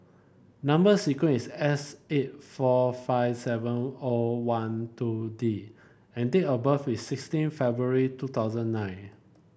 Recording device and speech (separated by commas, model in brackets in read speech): boundary microphone (BM630), read sentence